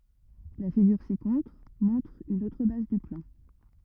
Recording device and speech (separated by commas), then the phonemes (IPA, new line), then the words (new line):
rigid in-ear microphone, read sentence
la fiɡyʁ sikɔ̃tʁ mɔ̃tʁ yn otʁ baz dy plɑ̃
La figure ci-contre montre une autre base du plan.